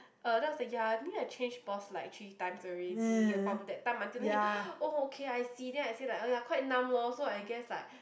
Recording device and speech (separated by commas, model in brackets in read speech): boundary microphone, conversation in the same room